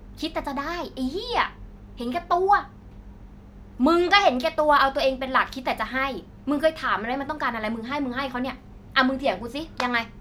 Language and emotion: Thai, angry